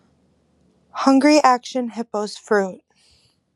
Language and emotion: English, sad